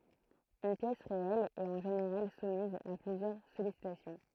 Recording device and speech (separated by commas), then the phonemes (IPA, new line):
throat microphone, read sentence
yn pjɛs ʁeɛl ɛt ɑ̃ ʒeneʁal sumiz a plyzjœʁ sɔlisitasjɔ̃